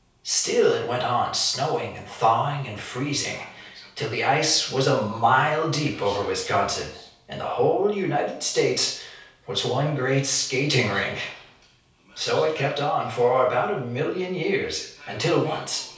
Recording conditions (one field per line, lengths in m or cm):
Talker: one person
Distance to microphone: 3.0 m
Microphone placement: far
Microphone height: 1.8 m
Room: small (3.7 m by 2.7 m)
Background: television